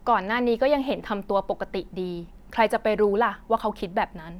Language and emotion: Thai, neutral